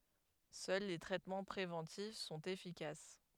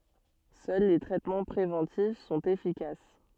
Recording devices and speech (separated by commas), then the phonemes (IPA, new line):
headset microphone, soft in-ear microphone, read sentence
sœl le tʁɛtmɑ̃ pʁevɑ̃tif sɔ̃t efikas